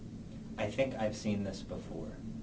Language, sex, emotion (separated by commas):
English, male, neutral